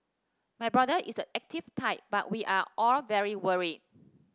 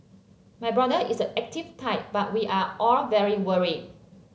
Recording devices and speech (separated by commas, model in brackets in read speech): standing microphone (AKG C214), mobile phone (Samsung C7), read sentence